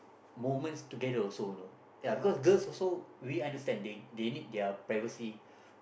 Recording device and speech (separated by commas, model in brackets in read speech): boundary microphone, conversation in the same room